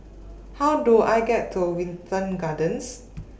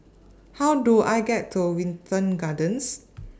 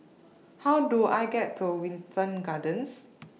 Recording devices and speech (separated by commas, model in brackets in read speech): boundary microphone (BM630), standing microphone (AKG C214), mobile phone (iPhone 6), read sentence